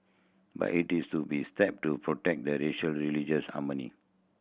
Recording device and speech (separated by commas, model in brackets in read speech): boundary microphone (BM630), read sentence